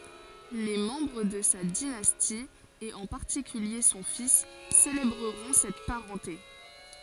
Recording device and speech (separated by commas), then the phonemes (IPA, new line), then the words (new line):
forehead accelerometer, read sentence
le mɑ̃bʁ də sa dinasti e ɑ̃ paʁtikylje sɔ̃ fis selebʁəʁɔ̃ sɛt paʁɑ̃te
Les membres de sa dynastie et en particulier son fils célébreront cette parenté.